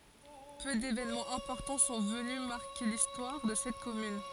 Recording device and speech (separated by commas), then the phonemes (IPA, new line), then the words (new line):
forehead accelerometer, read sentence
pø devenmɑ̃z ɛ̃pɔʁtɑ̃ sɔ̃ vəny maʁke listwaʁ də sɛt kɔmyn
Peu d'événements importants sont venus marquer l'histoire de cette commune.